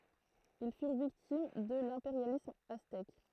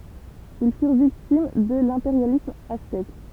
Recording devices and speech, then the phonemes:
throat microphone, temple vibration pickup, read sentence
il fyʁ viktim də lɛ̃peʁjalism aztɛk

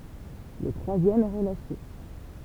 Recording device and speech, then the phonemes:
temple vibration pickup, read sentence
lə tʁwazjɛm ɛ ʁəlaʃe

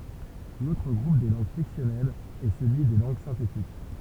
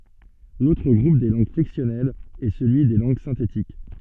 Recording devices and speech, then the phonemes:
temple vibration pickup, soft in-ear microphone, read sentence
lotʁ ɡʁup de lɑ̃ɡ flɛksjɔnɛlz ɛ səlyi de lɑ̃ɡ sɛ̃tetik

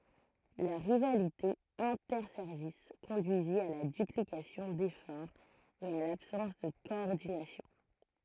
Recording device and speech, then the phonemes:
throat microphone, read sentence
la ʁivalite ɛ̃tɛʁsɛʁvis kɔ̃dyizi a la dyplikasjɔ̃ defɔʁz e a labsɑ̃s də kɔɔʁdinasjɔ̃

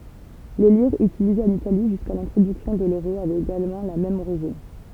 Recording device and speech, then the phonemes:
temple vibration pickup, read sentence
le liʁz ytilizez ɑ̃n itali ʒyska lɛ̃tʁodyksjɔ̃ də løʁo avɛt eɡalmɑ̃ la mɛm oʁiʒin

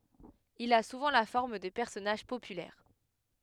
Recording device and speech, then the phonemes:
headset microphone, read sentence
il a suvɑ̃ la fɔʁm də pɛʁsɔnaʒ popylɛʁ

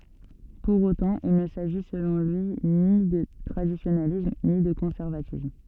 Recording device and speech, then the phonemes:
soft in-ear microphone, read sentence
puʁ otɑ̃ il nə saʒi səlɔ̃ lyi ni də tʁadisjonalism ni də kɔ̃sɛʁvatism

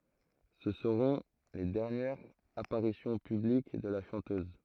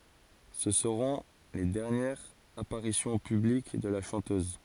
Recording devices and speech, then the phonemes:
throat microphone, forehead accelerometer, read sentence
sə səʁɔ̃ le dɛʁnjɛʁz apaʁisjɔ̃ pyblik də la ʃɑ̃tøz

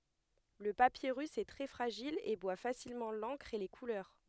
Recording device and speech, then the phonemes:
headset microphone, read sentence
lə papiʁys ɛ tʁɛ fʁaʒil e bwa fasilmɑ̃ lɑ̃kʁ e le kulœʁ

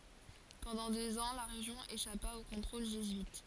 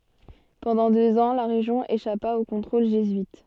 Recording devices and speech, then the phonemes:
forehead accelerometer, soft in-ear microphone, read sentence
pɑ̃dɑ̃ døz ɑ̃ la ʁeʒjɔ̃ eʃapa o kɔ̃tʁol ʒezyit

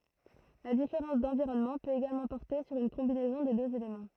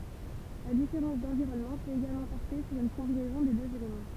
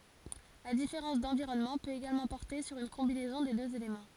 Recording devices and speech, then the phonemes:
throat microphone, temple vibration pickup, forehead accelerometer, read sentence
la difeʁɑ̃s dɑ̃viʁɔnmɑ̃ pøt eɡalmɑ̃ pɔʁte syʁ yn kɔ̃binɛzɔ̃ de døz elemɑ̃

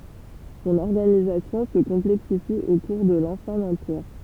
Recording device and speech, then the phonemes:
temple vibration pickup, read sentence
sɔ̃n ɔʁɡanizasjɔ̃ sə kɔ̃plɛksifi o kuʁ də lɑ̃sjɛ̃ ɑ̃piʁ

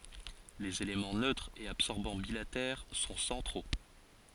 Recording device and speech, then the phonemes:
forehead accelerometer, read sentence
lez elemɑ̃ nøtʁ e absɔʁbɑ̃ bilatɛʁ sɔ̃ sɑ̃tʁo

